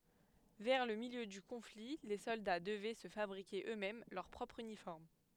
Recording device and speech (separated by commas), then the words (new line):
headset microphone, read sentence
Vers le milieu du conflit les soldats devaient se fabriquer eux-mêmes leur propre uniforme.